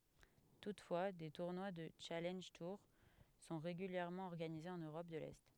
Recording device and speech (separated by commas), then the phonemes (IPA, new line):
headset microphone, read sentence
tutfwa de tuʁnwa dy ʃalɑ̃ʒ tuʁ sɔ̃ ʁeɡyljɛʁmɑ̃ ɔʁɡanize ɑ̃n øʁɔp də lɛ